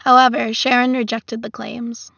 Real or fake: real